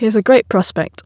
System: none